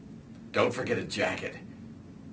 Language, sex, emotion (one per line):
English
male
disgusted